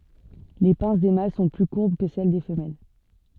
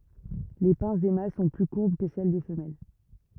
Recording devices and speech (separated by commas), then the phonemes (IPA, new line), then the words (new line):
soft in-ear microphone, rigid in-ear microphone, read sentence
le pɛ̃s de mal sɔ̃ ply kuʁb kə sɛl de fəmɛl
Les pinces des mâles sont plus courbes que celles des femelles.